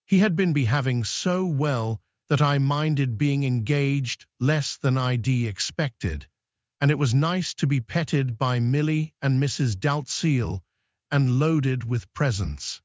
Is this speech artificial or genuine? artificial